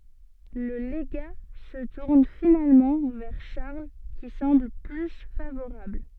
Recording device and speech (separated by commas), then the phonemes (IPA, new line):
soft in-ear microphone, read sentence
lə leɡa sə tuʁn finalmɑ̃ vɛʁ ʃaʁl ki sɑ̃bl ply favoʁabl